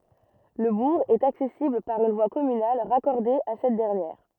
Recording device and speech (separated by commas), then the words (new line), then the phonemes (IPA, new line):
rigid in-ear microphone, read sentence
Le bourg est accessible par une voie communale raccordée à cette dernière.
lə buʁ ɛt aksɛsibl paʁ yn vwa kɔmynal ʁakɔʁde a sɛt dɛʁnjɛʁ